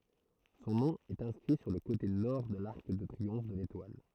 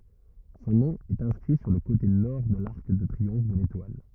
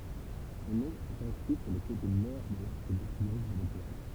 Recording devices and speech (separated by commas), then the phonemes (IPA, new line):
throat microphone, rigid in-ear microphone, temple vibration pickup, read sentence
sɔ̃ nɔ̃ ɛt ɛ̃skʁi syʁ lə kote nɔʁ də laʁk də tʁiɔ̃f də letwal